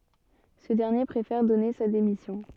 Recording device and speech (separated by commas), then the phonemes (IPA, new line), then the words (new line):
soft in-ear microphone, read sentence
sə dɛʁnje pʁefɛʁ dɔne sa demisjɔ̃
Ce dernier préfère donner sa démission.